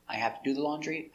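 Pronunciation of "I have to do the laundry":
In 'have to', the a in 'have' is not said as an open 'ah'. It is more closed, as in normal conversation.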